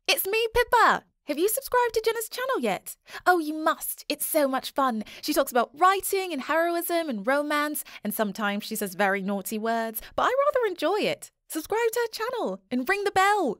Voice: Lighthearted Female Voice